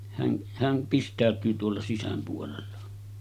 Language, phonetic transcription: Finnish, » hän , hän , 'pist̆tä̀öt̀yy tuolla 'sisäm puolella « .
- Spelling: hän hän pistäytyy tuolla sisän puolella

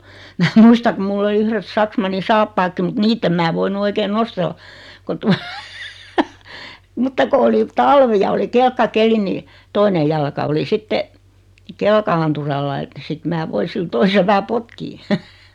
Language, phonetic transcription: Finnish, mää 'muista kum 'mull ‿oli 'yhret 'saksmanni "saappaakki mut "niitt ‿em mää 'voinu 'oikeen "nostella , ko tua , mutta ko oli 'talvi ja oli 'kelkka'keli nii , 'toine jalka oli 'sitte , 'kelka₍anturalla ᵉt , sit 'mää 'voi sil 'toisel vähä "potkii .
- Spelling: minä muistan kun minulla oli yhdet saksmannin saappaatkin mutta niitä en minä voinut oikein nostella kun tuota mutta kun oli talvi ja oli kelkkakeli niin toinen jalka oli sitten kelkananturalla että sitten minä voin sillä toisella vähän potkia

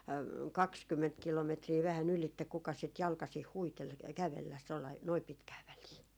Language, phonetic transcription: Finnish, "kakskymment 'kilometrii vähä'n ‿ylitte kukas sit 'jalkasih "huitel , 'kävelläs- , tollai , noi 'pitkää 'välii .
- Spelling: kaksikymmentä kilometriä vähän ylitse kukas sitä jalkaisin huiteli kävellä tuolla lailla noin pitkää väliä

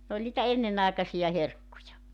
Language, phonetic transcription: Finnish, 'n ‿oĺ nitä 'ennenàekasija 'herkkuja .
- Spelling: n oli niitä ennenaikaisia herkkuja

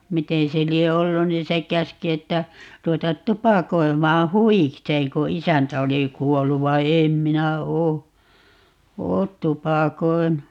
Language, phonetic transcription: Finnish, "miteè se 'lie 'ollu niin̬ se 'käski 'että , 'ruwetat "tupakoi̮maa "huwikseeŋ ko "isäntä oli 'kuollu vai̮ "eem 'minä 'oo , "oot 'tupakoi̮nu .
- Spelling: miten se lie ollut niin se käski että ruveta tupakoimaan huvikseen kun isäntä oli kuollut vaan en minä ole ole tupakoinut

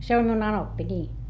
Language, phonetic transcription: Finnish, se om miun ‿anoppi ńii .
- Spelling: se on minun anoppi niin

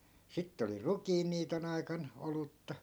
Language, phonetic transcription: Finnish, 'sittᵉ oli "rukiinniiton ‿aikan , 'olutta .
- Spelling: sitten oli rukiinniiton aikana olutta

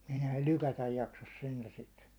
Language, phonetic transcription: Finnish, 'm(ut) ‿ehän ne "lykätäj 'jaksas 'sentä 'sit .
- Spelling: mutta eihän ne lykätä jaksaisi sentään sitä

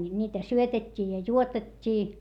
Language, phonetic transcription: Finnish, ńiitä syötet́t́ii ja juotet́t́ii .
- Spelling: niitä syötettiin ja juotettiin

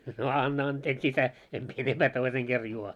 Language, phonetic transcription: Finnish, » no "anna 'anteeks ‿isä , em mie 'enemʙää 'toiseŋ ɢer 'juo « .
- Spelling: no anna anteeksi isä en minä enempää toisen kerran juo

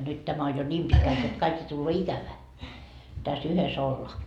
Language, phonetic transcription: Finnish, nyt 'tämä on jo "ńiim 'pitkält jot kaik jo tulloo 'ikävää , tä's ‿yhes ‿ollaa .
- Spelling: nyt tämä on jo niin pitkälti jotta kaikki jo tulee ikävää tässä yhdessä ollaan

